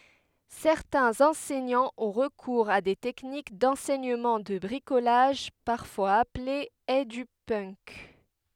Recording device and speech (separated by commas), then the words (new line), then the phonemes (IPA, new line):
headset microphone, read sentence
Certains enseignants ont recours à des techniques d'enseignement de bricolage, parfois appelé Edupunk.
sɛʁtɛ̃z ɑ̃sɛɲɑ̃z ɔ̃ ʁəkuʁz a de tɛknik dɑ̃sɛɲəmɑ̃ də bʁikolaʒ paʁfwaz aple edypənk